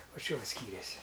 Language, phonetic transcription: Lithuanian, ˈva ˈčia ˈva ˈskyrėsi

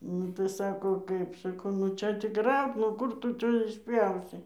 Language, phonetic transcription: Lithuanian, nu tai ˈsako ˈkaip saˈkau nu ˈčia tik ˈraut nu ˈkur tu ˈčia išˈpjausi

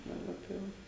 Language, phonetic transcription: Lithuanian, daˈba tai ˈva

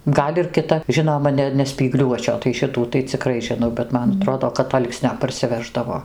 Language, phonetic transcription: Lithuanian, ˈgal' ir kiˈta ˈžinoma ˈne ne spyˈgliuočio tai ˈšitų tai ciˈkrai žiˈnau bet ˈman aˈtrodo kad ˈalksnio parsiˈveždavo

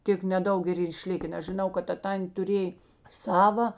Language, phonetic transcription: Lithuanian, ˈtėk neˈdaug ir ˈyr iˈšliken nes žiˈnau kad ˈta ˈtantė tuˈrėj ˈsava

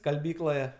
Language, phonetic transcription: Lithuanian, skalˈbykloje

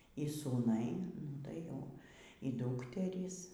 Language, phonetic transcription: Lithuanian, y sūˈnai ˈnu tai jau y ˈdūkterys

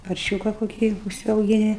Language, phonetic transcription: Lithuanian, parˈšiūka koˈkį užsiaugiˈni

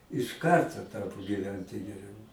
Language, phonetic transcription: Lithuanian, iš ˈkarto ˈtapo gyˈventi geˈriau

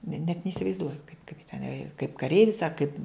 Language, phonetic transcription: Lithuanian, ne net neisivaizˈduoju kaip teˈnai a kaip kaˈreivis a kaip

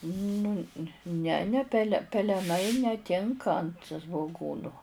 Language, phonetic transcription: Lithuanian, ˈnu ne ne ˈpele peleˈnai neˈtinka ant svoˈgūnu

